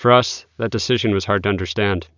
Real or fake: real